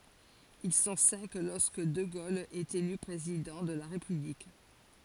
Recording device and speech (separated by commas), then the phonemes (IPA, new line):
forehead accelerometer, read sentence
il sɔ̃ sɛ̃k lɔʁskə də ɡol ɛt ely pʁezidɑ̃ də la ʁepyblik